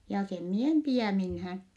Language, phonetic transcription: Finnish, jaa sem mie em pi₍ä̀ minhään .
- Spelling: ja sen minä en pidä minään

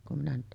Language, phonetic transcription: Finnish, kum minä nyt ,.
- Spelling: kun minä nyt

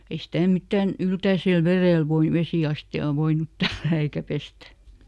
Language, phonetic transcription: Finnish, ei ˈsitä̀ ˈmittä̀n , "yltäisel ˈverèl voin- ˈvesì₍asti₍aa ˈvoinut "tällää eikä ˈpestä .
- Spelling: ei sitä mitään yltäisellä vedellä - vesiastiaan voinut tällätä eikä pestä

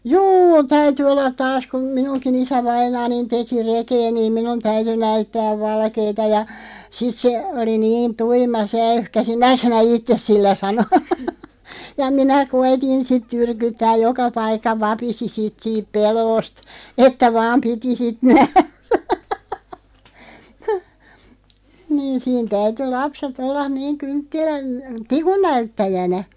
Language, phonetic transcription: Finnish, juu 'täyty 'ollat "taas kum 'minuŋki'n ‿isävainaanin 'teki 'rekee niim "minun 'täyty 'näyttääv 'valkeeta ja , sit se , 'oli "niin 'tuima se 'äyhkasi » 'nääk sinä "ittes 'sillä ? « sano , ja "minä 'koitin sit 'turkuttääʲ "joka 'paikka 'vapisi 'sit siip 'peloost , "että 'vaam 'piti sit 'nährᴀ̈ , niin̬ 'siin 'täyty "lapset 'ollaⁿ niiŋ 'kyŋttilän , "tikun 'näyttäjänä .
- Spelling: juu täytyi olla taas kun minunkin isävainaani teki rekeä niin minun täytyi näyttää valkeata ja sitten se oli niin tuima se äyhkäsi näetkö sinä itse sillä sanoi ja minä koetin sitten tyrkyttää joka paikka vapisi sitten siitä pelosta että vain piti sitten nähdä niin siinä täytyi lapset olla niin kynttilän tikun näyttäjänä

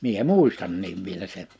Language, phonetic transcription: Finnish, 'mie "muistanniiv vielä seɴ .
- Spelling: minä muistankin vielä sen

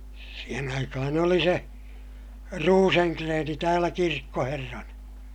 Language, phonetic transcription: Finnish, siihen ‿aikahan ‿oli se , Ruuseŋkreeni täälä kirkkoherrana .
- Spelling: siihen aikaan oli se Rosengren täällä kirkkoherrana

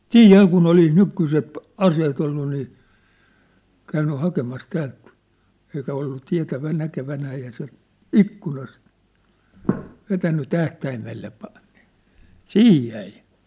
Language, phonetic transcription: Finnish, siij 'ja kun ‿olis 'nyk̳̀yset , "aseet ‿ollu nii , käynny 'hakemas 'täält , eikä ollu 'tiä̭tävä- 'näke'vänää eihä se , "ikkunast , 'vetänny 'tähtäimelle pa- nɪ , "siij jäi !
- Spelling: siinä ja kun olisi nykyiset aseet ollut niin käynyt hakemassa täältä eikä ollut - näkevinään eihän se ikkunasta vetänyt tähtäimelle - niin siihen jäi

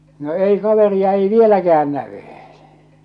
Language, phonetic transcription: Finnish, 'no 'ei 'kaveria ei "vieläkä₍än 'nävy .
- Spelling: no ei kaveria ei vieläkään näy

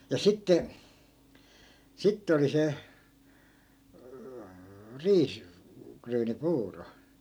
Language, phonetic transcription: Finnish, ja 'sitte , 'sitte oli se , 'riis- , '-kryyni"puuro .
- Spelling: ja sitten sitten oli se - riisiryynipuuro

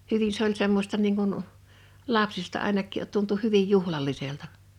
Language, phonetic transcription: Finnish, 'hyvin se ‿oĺ semmosta niiŋ kun , 'lapsista 'àenak̆kì’ tuntu 'hyvij 'juhlal̆liselta .
- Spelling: hyvin se oli semmoista niin kuin lapsista ainakin tuntui hyvin juhlalliselta

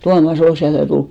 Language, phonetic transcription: Finnish, 'Tuama's ‿ol siäl ja tul ,.
- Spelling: Tuomas oli siellä ja tuli

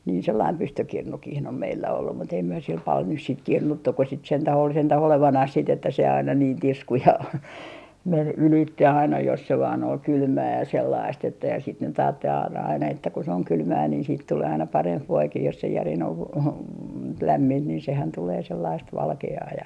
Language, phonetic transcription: Finnish, nii sellaim 'pystykirnukih om 'meillä ollu mut ‿ei myö sil pal nys siit 'kirnuttu ko sit sentäh ol sentäh 'olevanah sit ‿että se aina niin "tisku ja , men 'ylitte aina jos se vaan ‿ol "kylmää ja 'sellaist että ja sit nyt aattel a - aina että ku se oŋ 'kylmää niin siit tulee aina "paremp 'voikih jos se järin ov v - v- , 'lämmint niin sehän 'tulee sellaist "valke₍aa ja ,.
- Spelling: niin sellainen pystykirnukin on meillä ollut mutta ei me sillä paljon nyt sitten kirnuttu kun sitä sentään oli sentään olevinaan sitten että se aina niin tiskui ja meni ylitse aina jos se vain oli kylmää ja sellaista että ja sitä nyt ajatteli - aina että kun se on kylmää niin siitä tulee aina parempi voikin jos se järin on - - lämmintä niin sehän tulee sellaista valkeaa ja

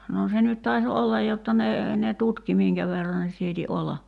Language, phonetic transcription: Finnish, noo se nyt tai̬s 'ollaj jotta ne , ne "tutki 'miiŋkä verra ne 'siiti 'olla .
- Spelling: no se nyt taisi olla jotta ne ne tutki minkä verran ne sieti olla

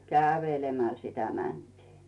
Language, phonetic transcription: Finnish, kä̀vèlemäl sitä 'mäntii .
- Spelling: kävelemällä sitä mentiin

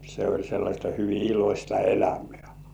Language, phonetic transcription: Finnish, se oĺ sellaśta hyvi 'ilośta "elämĕä .
- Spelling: se oli sellaista hyvin iloista elämää

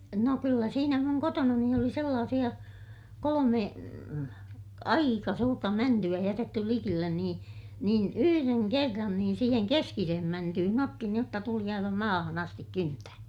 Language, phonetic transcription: Finnish, no kyllä siinä muŋ kotonani oli sellaasiʲa , kolome , aika suurta mänty₍ä jätetty likillen nii , niin yhyreŋ kerran niin siiheŋ keskisehem mäntyhyn ‿otti niij jotta tuli aiva maahan ‿astik kyntää .
- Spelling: no kyllä siinä minun kotonani oli sellaisia kolme aika suurta mäntyä jätetty likelle niin niin yhden kerran niin siihen keskiseen mäntyyn otti niin jotta tuli aivan maahan asti kyntäen

